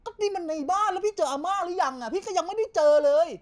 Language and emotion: Thai, angry